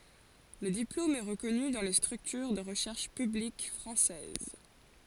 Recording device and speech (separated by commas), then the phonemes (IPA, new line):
forehead accelerometer, read sentence
lə diplom ɛ ʁəkɔny dɑ̃ le stʁyktyʁ də ʁəʃɛʁʃ pyblik fʁɑ̃sɛz